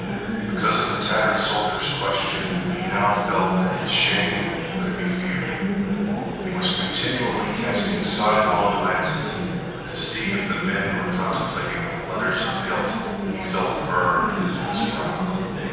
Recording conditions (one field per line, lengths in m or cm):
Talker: one person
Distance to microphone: 7.1 m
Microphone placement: far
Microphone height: 1.7 m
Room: very reverberant, large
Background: babble